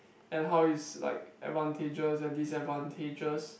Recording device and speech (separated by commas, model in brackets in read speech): boundary microphone, conversation in the same room